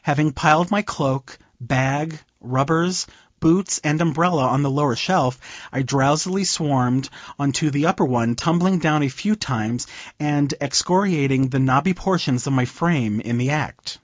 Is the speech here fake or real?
real